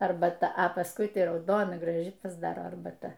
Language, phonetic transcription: Lithuanian, arbaˈta a pasˈkui ˈtai rauˈdona graˈži pasˈdaro arbaˈta

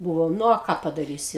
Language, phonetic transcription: Lithuanian, ˈbuvom ˈnu o ˈką padaˈrysi

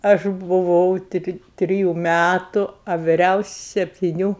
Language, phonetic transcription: Lithuanian, ˈaš buˈvau ˈtri ˈtriju ˈmætu a viˈriausi septiˈnių

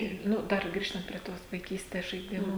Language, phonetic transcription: Lithuanian, ˈir ˈnu ˈdar ˈgrįžtant prie ˈtos vaiˈkystes žaiˈdimu

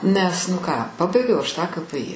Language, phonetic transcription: Lithuanian, ˈnes nu ˈką ˈpabaigiau ˈaš tą ka pɘ i

